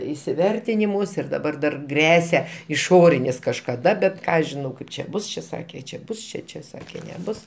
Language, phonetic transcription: Lithuanian, isiˈvertinimus ir daˈbar dar ˈgresia iˈšorinis kažkaˈda bet ˈką aš žiˈnau ˈkaip čia ˈbus čia ˈsakė čia ˈbus ˈčia ˈčia ˈsakė neˈbus

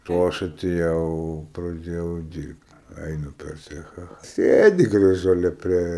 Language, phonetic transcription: Lithuanian, o ˈaš atėˈjau praˈdėjau ˈdyrbt ˈainu per ˈcecha ˈsėdi graˈžuolė ˈprie

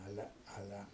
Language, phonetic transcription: Lithuanian, ˈale ˈale

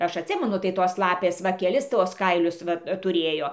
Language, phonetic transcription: Lithuanian, ˈaš atˈsimenu tai ˈtos ˈlapės ˈva ˈkelis ˈtuos ˈkailius ˈva tuˈrėjo

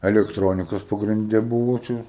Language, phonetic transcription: Lithuanian, elektˈronikas pagrinˈde ˈbuvo ˈčia

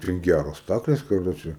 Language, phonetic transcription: Lithuanian, ten ˈgæros ˈstaklės kaˈroče

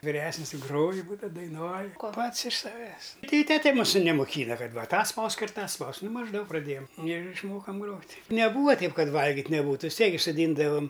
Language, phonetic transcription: Lithuanian, viˈresnis i ˈgroju ˈbūdav daiˈnuoj ˈpats iš saˈvęs ˈtai i ˈtete ˈmūsu nemoˈkyna ˈkad ˈva ˈtą ˈspausk ir ˈtą ˈspausk ˈnu mažˈdaug praˈdėjam ir išˈmokam ˈgrot' neˈbūva ˈteip ˈkad ˈvalgit' neˈbūtu vis ˈtiek gi soˈdyndavam

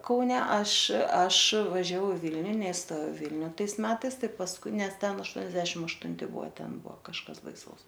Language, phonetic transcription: Lithuanian, ˈkaune ˈaš ˈaš važiaˈvau i ˈvilniu neiˈstojau ˈvilniu ˈtais ˈmetais ˈtai pasˈkui ˈnes ˈten ašˈtuoniasdešim aštunˈti ˈbuo ˈten ˈbuo kažˈkas baiˈsaus

